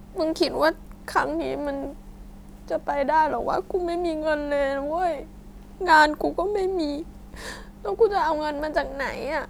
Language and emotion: Thai, sad